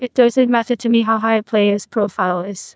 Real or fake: fake